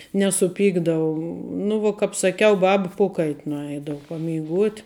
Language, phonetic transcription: Lithuanian, nesuˈpykdavu nu vuo ˈkap saˈkiau ˈbaba ˈpokait' nuˈeidavu pameiˈguot'

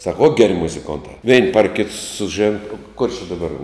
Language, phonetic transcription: Lithuanian, sak ot geˈri muziˈkonta vein par kit suˈžėn kur či daˈbar

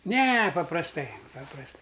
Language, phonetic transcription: Lithuanian, ˈne paprasˈtai paprasˈtai

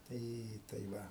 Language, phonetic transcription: Lithuanian, ˈtai tai ˈva

